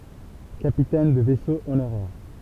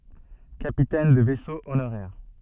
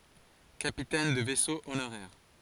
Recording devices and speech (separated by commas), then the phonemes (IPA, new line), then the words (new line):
temple vibration pickup, soft in-ear microphone, forehead accelerometer, read sentence
kapitɛn də vɛso onoʁɛʁ
Capitaine de vaisseau honoraire.